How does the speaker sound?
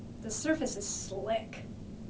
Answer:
neutral